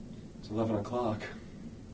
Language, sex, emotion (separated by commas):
English, male, neutral